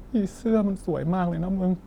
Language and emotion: Thai, sad